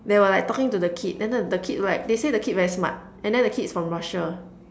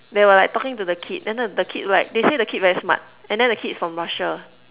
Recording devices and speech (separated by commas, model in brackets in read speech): standing microphone, telephone, conversation in separate rooms